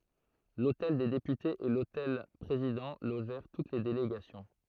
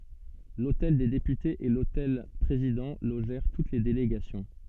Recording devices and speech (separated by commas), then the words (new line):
throat microphone, soft in-ear microphone, read sentence
L'hôtel des Députés et l'hôtel Président logèrent toutes les délégations.